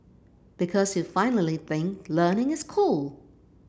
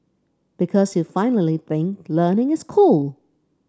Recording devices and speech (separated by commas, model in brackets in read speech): boundary microphone (BM630), standing microphone (AKG C214), read sentence